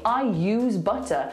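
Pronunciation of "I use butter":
In 'I use butter', 'I' links into 'use' with a y sound, as if a y stood in front of 'use'.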